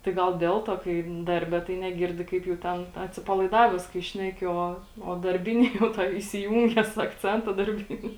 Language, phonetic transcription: Lithuanian, tai ˈgal ˈdel tuo kai ˈdarbe tai neˈgirdi kaip jau ˈten atsipalaiˈdaves kai ˈšneki ˈo o darˈbini jau ˈtoj isiˈjūnges akˈcenta darˈbini

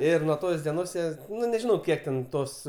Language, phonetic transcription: Lithuanian, ˈir nuo ˈtos dieˈnos ˈjie ˈnu neˈžinau ˈkiek ten ˈtos

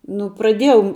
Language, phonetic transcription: Lithuanian, ˈnu praˈdiejau

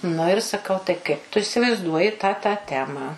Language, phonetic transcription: Lithuanian, nu ir saˈkau tai ˈkaip tu isivaizˈduoji tą tą ˈtemą

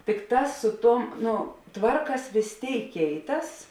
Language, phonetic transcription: Lithuanian, tikˈtās su ˈtuom ˈno ˈtvarkas vės ˈtėik ˈkeiˌtas

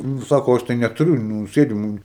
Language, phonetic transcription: Lithuanian, ˈnu ˈsako ˈaš tai netuˈriu nu ˈsėdimu

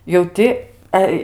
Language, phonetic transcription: Lithuanian, jau ˈti ˈe

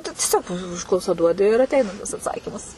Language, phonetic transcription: Lithuanian, tu tieˈsiog ˈužklausa ˈduodi ir atˈeina tas atˈsakymas

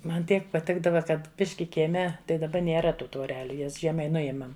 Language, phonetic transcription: Lithuanian, ˈman ˈtiek paˈtikdava ˈkad ˈbiški kieˈme tai daˈba nėˈra ˈtų tvoˈreliu ˈjas ˈžiemai ˈnujėmam

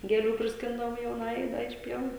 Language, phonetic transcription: Lithuanian, gėˈlių prisˈkindavom jauˈnajai ˈda iš ˈpievų

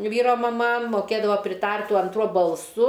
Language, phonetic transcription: Lithuanian, ˈvyro maˈma moˈkėdavo priˈtart tuo anˈtruo balˈsu

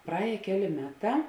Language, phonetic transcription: Lithuanian, praˈējė ˈkeˌlė ˈmeˌtā

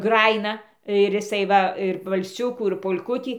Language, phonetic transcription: Lithuanian, ˈgrajina ir jiˈsai ˈva ir valˈsiukų ir pol'ˈkutį

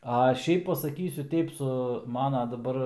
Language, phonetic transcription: Lithuanian, a ˈšiaip pasaˈkysiu ˈteip su ˈmano daˈbar

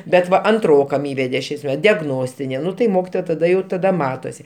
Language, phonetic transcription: Lithuanian, bet ˈva anˈtrokam ˈįvede ˈšiais me diagˈnostini ˈnu tai ˈmokitoja taˈda ˈjau taˈda ˈmatosi

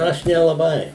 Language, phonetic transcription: Lithuanian, ˈaš nelaˈbai

